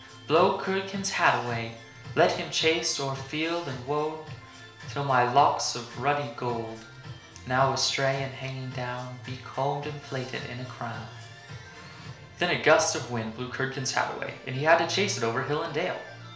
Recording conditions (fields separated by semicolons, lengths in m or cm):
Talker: one person; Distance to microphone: 1.0 m; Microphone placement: close; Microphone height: 1.1 m; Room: small (3.7 m by 2.7 m); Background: music